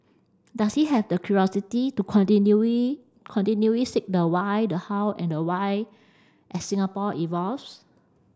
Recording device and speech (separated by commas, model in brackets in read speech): standing microphone (AKG C214), read sentence